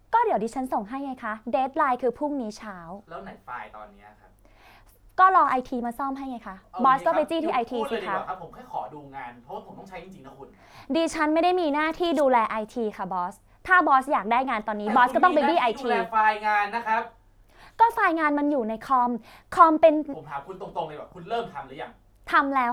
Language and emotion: Thai, frustrated